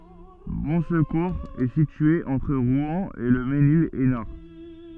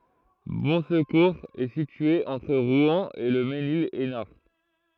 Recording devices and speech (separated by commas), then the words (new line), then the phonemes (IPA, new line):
soft in-ear microphone, throat microphone, read sentence
Bonsecours est située entre Rouen et Le Mesnil-Esnard.
bɔ̃skuʁz ɛ sitye ɑ̃tʁ ʁwɛ̃ e lə menil ɛsnaʁ